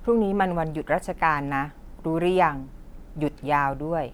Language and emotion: Thai, neutral